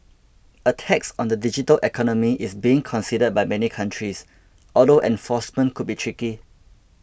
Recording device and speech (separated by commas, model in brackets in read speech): boundary microphone (BM630), read sentence